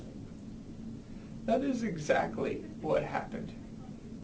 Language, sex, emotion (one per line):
English
male
sad